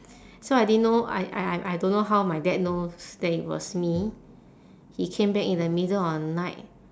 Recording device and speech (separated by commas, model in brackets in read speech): standing microphone, conversation in separate rooms